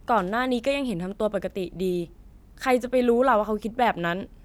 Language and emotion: Thai, neutral